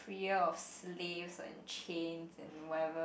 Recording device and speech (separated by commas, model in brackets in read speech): boundary microphone, conversation in the same room